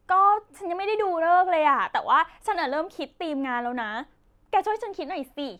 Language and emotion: Thai, happy